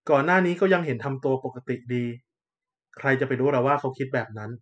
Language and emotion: Thai, neutral